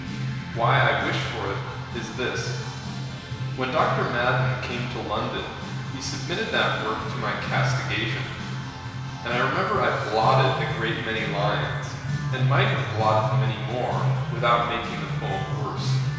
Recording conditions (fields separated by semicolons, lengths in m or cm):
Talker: one person; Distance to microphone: 1.7 m; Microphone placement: close; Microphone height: 1.0 m; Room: very reverberant, large; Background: music